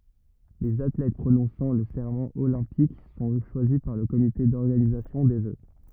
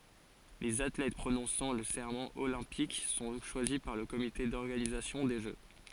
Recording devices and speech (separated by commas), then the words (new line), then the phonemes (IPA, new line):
rigid in-ear microphone, forehead accelerometer, read sentence
Les athlètes prononçant le serment olympique sont choisis par le comité d'organisation des Jeux.
lez atlɛt pʁonɔ̃sɑ̃ lə sɛʁmɑ̃ olɛ̃pik sɔ̃ ʃwazi paʁ lə komite dɔʁɡanizasjɔ̃ de ʒø